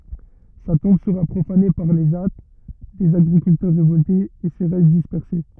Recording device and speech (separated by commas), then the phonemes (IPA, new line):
rigid in-ear microphone, read sentence
sa tɔ̃b səʁa pʁofane paʁ le ʒa dez aɡʁikyltœʁ ʁevɔltez e se ʁɛst dispɛʁse